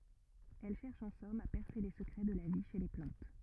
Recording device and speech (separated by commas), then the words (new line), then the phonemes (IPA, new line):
rigid in-ear microphone, read sentence
Elle cherche en somme à percer les secrets de la vie chez les plantes.
ɛl ʃɛʁʃ ɑ̃ sɔm a pɛʁse le səkʁɛ də la vi ʃe le plɑ̃t